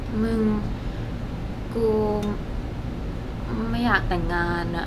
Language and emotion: Thai, frustrated